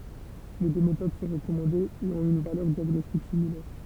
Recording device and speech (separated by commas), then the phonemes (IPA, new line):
temple vibration pickup, read sentence
le dø metod sɔ̃ ʁəkɔmɑ̃dez e ɔ̃t yn valœʁ djaɡnɔstik similɛʁ